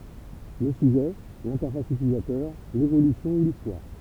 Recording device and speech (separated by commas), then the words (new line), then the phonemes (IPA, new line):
temple vibration pickup, read sentence
Le sujet, l'interface utilisateur, l'évolution ou l'histoire.
lə syʒɛ lɛ̃tɛʁfas ytilizatœʁ levolysjɔ̃ u listwaʁ